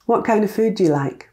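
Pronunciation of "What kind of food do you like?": In 'What kind of food do you like?', 'kind of' is said as a weak form and sounds like 'kinder'.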